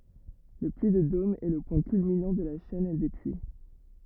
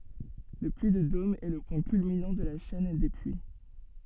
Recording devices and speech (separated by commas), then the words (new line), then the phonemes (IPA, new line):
rigid in-ear microphone, soft in-ear microphone, read sentence
Le Puy de Dôme est le point culminant de la chaîne des Puys.
lə pyi də dom ɛ lə pwɛ̃ kylminɑ̃ də la ʃɛn de pyi